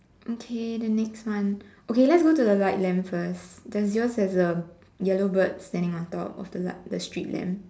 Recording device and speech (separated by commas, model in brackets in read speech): standing microphone, conversation in separate rooms